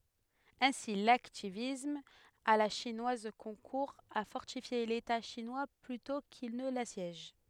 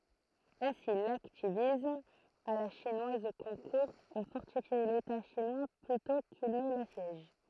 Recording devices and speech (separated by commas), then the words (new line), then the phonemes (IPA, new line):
headset microphone, throat microphone, read sentence
Ainsi l’hacktivisme à la chinoise concourt à fortifier l’État chinois plutôt qu’il ne l’assiège.
ɛ̃si laktivism a la ʃinwaz kɔ̃kuʁ a fɔʁtifje leta ʃinwa plytɔ̃ kil nə lasjɛʒ